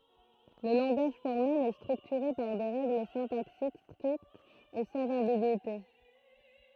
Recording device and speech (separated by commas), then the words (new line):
throat microphone, read sentence
Le langage formel est structuré par des règles syntaxiques strictes et sans ambigüité.